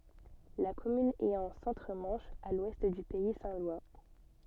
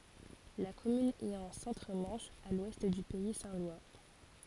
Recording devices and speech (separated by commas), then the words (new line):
soft in-ear microphone, forehead accelerometer, read sentence
La commune est en Centre-Manche, à l'ouest du pays saint-lois.